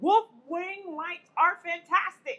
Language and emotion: English, disgusted